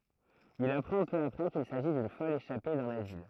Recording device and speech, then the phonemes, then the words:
throat microphone, read sentence
il apʁɑ̃ pø apʁɛ kil saʒi dyn fɔl eʃape dœ̃n azil
Il apprend peu après qu'il s'agit d'une folle échappée d'un asile.

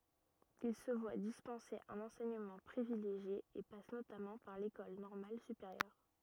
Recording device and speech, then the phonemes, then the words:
rigid in-ear microphone, read sentence
il sə vwa dispɑ̃se œ̃n ɑ̃sɛɲəmɑ̃ pʁivileʒje e pas notamɑ̃ paʁ lekɔl nɔʁmal sypeʁjœʁ
Il se voit dispenser un enseignement privilégié et passe notamment par l'École normale supérieure.

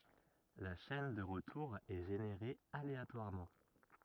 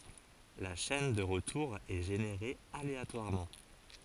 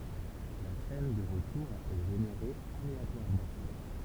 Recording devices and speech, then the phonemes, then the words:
rigid in-ear microphone, forehead accelerometer, temple vibration pickup, read sentence
la ʃɛn də ʁətuʁ ɛ ʒeneʁe aleatwaʁmɑ̃
La chaîne de retour est générée aléatoirement.

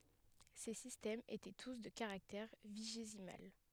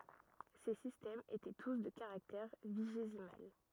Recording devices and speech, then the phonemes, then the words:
headset microphone, rigid in-ear microphone, read sentence
se sistɛmz etɛ tus də kaʁaktɛʁ viʒezimal
Ces systèmes étaient tous de caractère vigésimal.

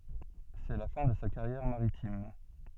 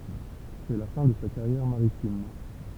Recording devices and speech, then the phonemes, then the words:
soft in-ear microphone, temple vibration pickup, read sentence
sɛ la fɛ̃ də sa kaʁjɛʁ maʁitim
C'est la fin de sa carrière maritime.

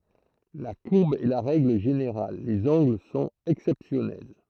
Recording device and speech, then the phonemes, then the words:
throat microphone, read sentence
la kuʁb ɛ la ʁɛɡl ʒeneʁal lez ɑ̃ɡl sɔ̃t ɛksɛpsjɔnɛl
La courbe est la règle générale, les angles sont exceptionnels.

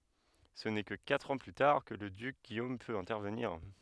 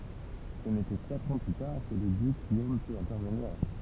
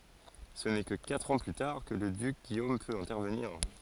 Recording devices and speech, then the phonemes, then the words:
headset microphone, temple vibration pickup, forehead accelerometer, read sentence
sə nɛ kə katʁ ɑ̃ ply taʁ kə lə dyk ɡijom pøt ɛ̃tɛʁvəniʁ
Ce n'est que quatre ans plus tard que le duc Guillaume peut intervenir.

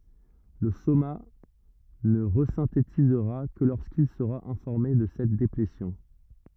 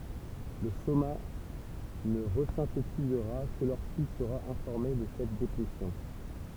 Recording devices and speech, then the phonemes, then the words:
rigid in-ear microphone, temple vibration pickup, read sentence
lə soma nə ʁəzɛ̃tetizʁa kə loʁskil səʁa ɛ̃fɔʁme də sɛt deplesjɔ̃
Le soma ne resynthétisera que lorsqu'il sera informé de cette déplétion.

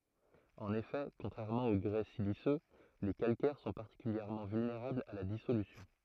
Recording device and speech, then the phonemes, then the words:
throat microphone, read sentence
ɑ̃n efɛ kɔ̃tʁɛʁmɑ̃ o ɡʁɛ silisø le kalkɛʁ sɔ̃ paʁtikyljɛʁmɑ̃ vylneʁablz a la disolysjɔ̃
En effet, contrairement au grès siliceux, les calcaires sont particulièrement vulnérables à la dissolution.

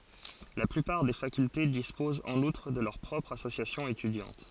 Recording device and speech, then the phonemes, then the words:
forehead accelerometer, read sentence
la plypaʁ de fakylte dispozt ɑ̃n utʁ də lœʁ pʁɔpʁz asosjasjɔ̃z etydjɑ̃t
La plupart des facultés disposent en outre de leurs propres associations étudiantes.

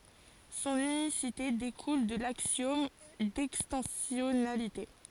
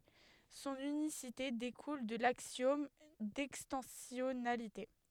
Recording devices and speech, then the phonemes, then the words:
forehead accelerometer, headset microphone, read sentence
sɔ̃n ynisite dekul də laksjɔm dɛkstɑ̃sjɔnalite
Son unicité découle de l'axiome d'extensionnalité.

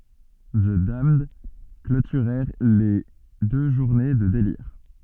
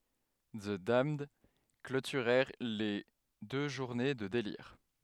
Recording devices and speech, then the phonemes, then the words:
soft in-ear microphone, headset microphone, read sentence
zə damnd klotyʁɛʁ le dø ʒuʁne də deliʁ
The Damned clôturèrent les deux journées de délires.

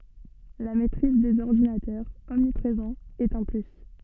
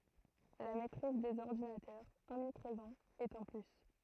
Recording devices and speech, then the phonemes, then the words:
soft in-ear microphone, throat microphone, read sentence
la mɛtʁiz dez ɔʁdinatœʁz ɔmnipʁezɑ̃z ɛt œ̃ ply
La maitrise des ordinateurs, omniprésents, est un plus.

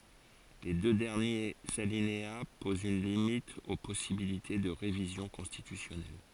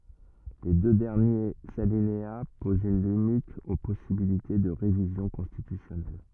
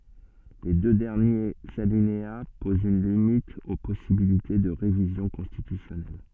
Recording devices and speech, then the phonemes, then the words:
forehead accelerometer, rigid in-ear microphone, soft in-ear microphone, read sentence
le dø dɛʁnjez alinea pozt yn limit o pɔsibilite də ʁevizjɔ̃ kɔ̃stitysjɔnɛl
Les deux derniers alinéas posent une limite aux possibilités de révision constitutionnelle.

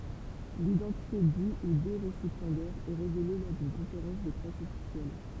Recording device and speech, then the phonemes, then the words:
temple vibration pickup, read sentence
lidɑ̃tite dy u de ʁesipjɑ̃dɛʁz ɛ ʁevele lɔʁ dyn kɔ̃feʁɑ̃s də pʁɛs ɔfisjɛl
L'identité du ou des récipiendaires est révélée lors d'une conférence de presse officielle.

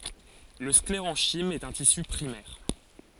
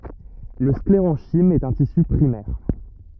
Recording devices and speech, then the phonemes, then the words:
forehead accelerometer, rigid in-ear microphone, read sentence
lə skleʁɑ̃ʃim ɛt œ̃ tisy pʁimɛʁ
Le sclérenchyme est un tissu primaire.

